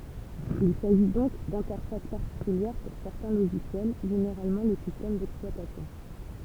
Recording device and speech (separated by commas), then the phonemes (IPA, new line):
temple vibration pickup, read sentence
il saʒi dɔ̃k dɛ̃tɛʁfas paʁtikyljɛʁ puʁ sɛʁtɛ̃ loʒisjɛl ʒeneʁalmɑ̃ lə sistɛm dɛksplwatasjɔ̃